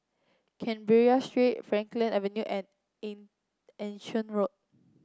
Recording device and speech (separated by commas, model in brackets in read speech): close-talking microphone (WH30), read sentence